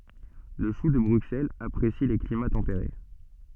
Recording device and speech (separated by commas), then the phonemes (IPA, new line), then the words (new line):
soft in-ear microphone, read sentence
lə ʃu də bʁyksɛlz apʁesi le klima tɑ̃peʁe
Le chou de Bruxelles apprécie les climats tempérés.